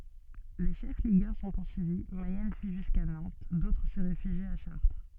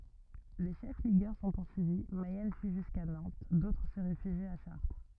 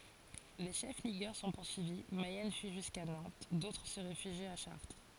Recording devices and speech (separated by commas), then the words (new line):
soft in-ear microphone, rigid in-ear microphone, forehead accelerometer, read sentence
Les chefs ligueurs sont poursuivis, Mayenne fuit jusqu’à Nantes, d’autres se réfugient à Chartres.